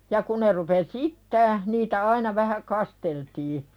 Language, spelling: Finnish, ja kun ne rupesi itämään niitä aina vähän kasteltiin
- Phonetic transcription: ja 'ku ne rupes "iittää , niitä "aina vähä 'kasteltii .

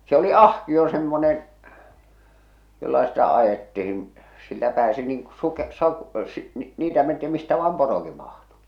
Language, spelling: Finnish, se oli ahkio semmoinen jolla sitä ajettiin sillä pääsi niin kun - - - niitä mentiin mistä vain porokin mahtui
- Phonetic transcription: se oli "ahkio semmonen , jolla sitä 'ajettihin , sillä 'pääsi niiŋ ku 'suke- sa- si- , 'niitä menti 'mistä vaam "poroki mahtu .

